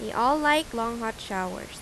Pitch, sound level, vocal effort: 230 Hz, 86 dB SPL, normal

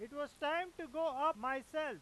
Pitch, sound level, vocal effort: 305 Hz, 103 dB SPL, very loud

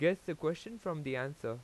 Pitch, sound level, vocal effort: 165 Hz, 89 dB SPL, normal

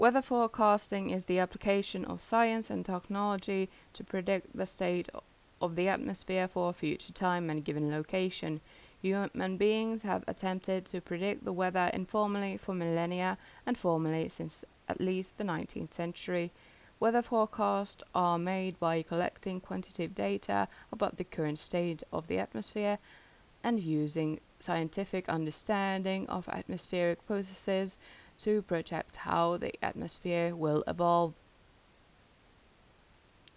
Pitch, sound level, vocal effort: 185 Hz, 82 dB SPL, normal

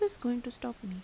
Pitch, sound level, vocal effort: 245 Hz, 81 dB SPL, soft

